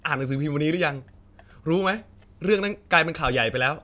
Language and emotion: Thai, neutral